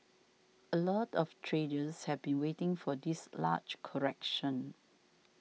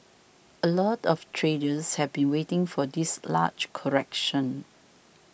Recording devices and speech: mobile phone (iPhone 6), boundary microphone (BM630), read sentence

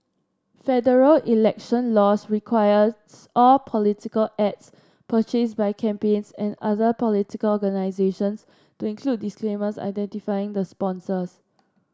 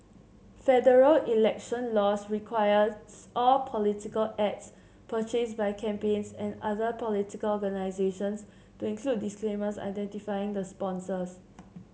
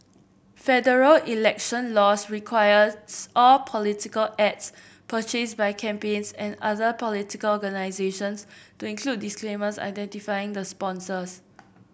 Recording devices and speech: standing microphone (AKG C214), mobile phone (Samsung C7), boundary microphone (BM630), read sentence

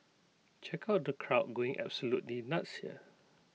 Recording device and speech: mobile phone (iPhone 6), read sentence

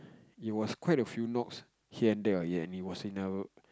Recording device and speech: close-talking microphone, conversation in the same room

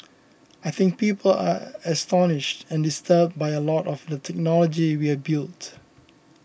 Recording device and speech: boundary microphone (BM630), read sentence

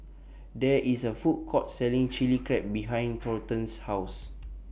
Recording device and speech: boundary microphone (BM630), read sentence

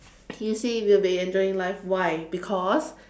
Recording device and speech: standing microphone, conversation in separate rooms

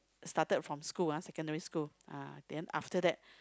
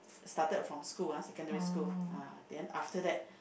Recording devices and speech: close-talking microphone, boundary microphone, conversation in the same room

